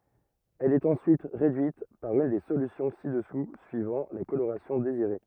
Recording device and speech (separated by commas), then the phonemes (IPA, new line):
rigid in-ear microphone, read sentence
ɛl ɛt ɑ̃syit ʁedyit paʁ yn de solysjɔ̃ si dəsu syivɑ̃ la koloʁasjɔ̃ deziʁe